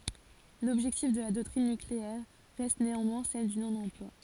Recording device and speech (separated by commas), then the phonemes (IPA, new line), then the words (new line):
forehead accelerometer, read sentence
lɔbʒɛktif də la dɔktʁin nykleɛʁ ʁɛst neɑ̃mwɛ̃ sɛl dy nonɑ̃plwa
L'objectif de la doctrine nucléaire reste néanmoins celle du non-emploi.